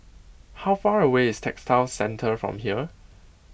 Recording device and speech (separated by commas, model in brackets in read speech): boundary microphone (BM630), read sentence